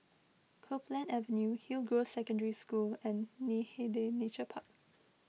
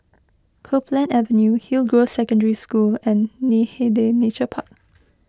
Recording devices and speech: mobile phone (iPhone 6), close-talking microphone (WH20), read sentence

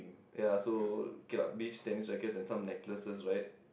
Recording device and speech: boundary microphone, conversation in the same room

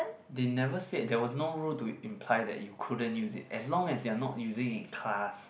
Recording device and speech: boundary microphone, conversation in the same room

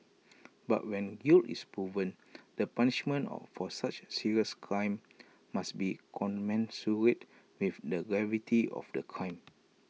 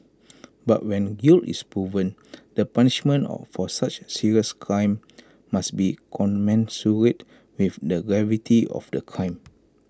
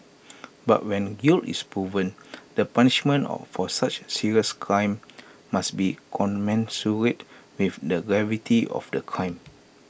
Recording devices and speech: mobile phone (iPhone 6), close-talking microphone (WH20), boundary microphone (BM630), read sentence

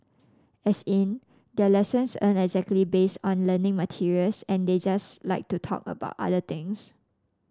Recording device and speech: standing microphone (AKG C214), read sentence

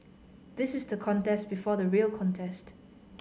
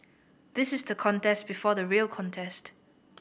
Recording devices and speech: mobile phone (Samsung C5010), boundary microphone (BM630), read sentence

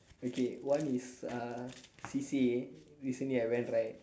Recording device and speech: standing microphone, conversation in separate rooms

